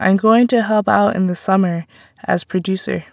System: none